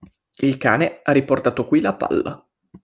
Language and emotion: Italian, neutral